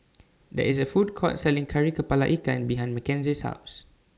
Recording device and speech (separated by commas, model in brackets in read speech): standing microphone (AKG C214), read sentence